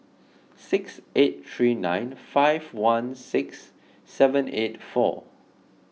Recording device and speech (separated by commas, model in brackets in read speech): mobile phone (iPhone 6), read sentence